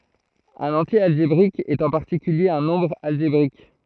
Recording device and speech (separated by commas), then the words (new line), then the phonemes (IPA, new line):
throat microphone, read sentence
Un entier algébrique est en particulier un nombre algébrique.
œ̃n ɑ̃tje alʒebʁik ɛt ɑ̃ paʁtikylje œ̃ nɔ̃bʁ alʒebʁik